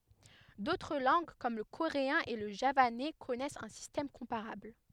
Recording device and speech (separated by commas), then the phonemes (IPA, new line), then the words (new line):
headset microphone, read sentence
dotʁ lɑ̃ɡ kɔm lə koʁeɛ̃ e lə ʒavanɛ kɔnɛst œ̃ sistɛm kɔ̃paʁabl
D'autres langues, comme le coréen et le javanais, connaissent un système comparable.